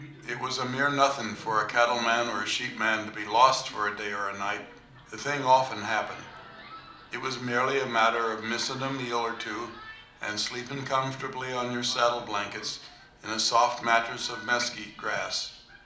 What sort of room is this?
A medium-sized room (about 5.7 m by 4.0 m).